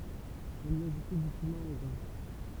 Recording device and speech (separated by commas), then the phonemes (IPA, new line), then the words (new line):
temple vibration pickup, read sentence
ɔ̃n i aʒutɛ dy kymɛ̃ ɑ̃ ɡʁɛ̃
On y ajoutait du cumin en grains.